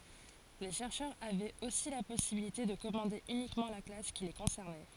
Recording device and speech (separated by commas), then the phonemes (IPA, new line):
forehead accelerometer, read sentence
le ʃɛʁʃœʁz avɛt osi la pɔsibilite də kɔmɑ̃de ynikmɑ̃ la klas ki le kɔ̃sɛʁnɛ